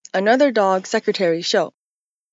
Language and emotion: English, disgusted